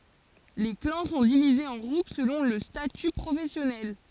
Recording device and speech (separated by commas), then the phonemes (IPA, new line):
forehead accelerometer, read sentence
le klɑ̃ sɔ̃ divizez ɑ̃ ɡʁup səlɔ̃ lə staty pʁofɛsjɔnɛl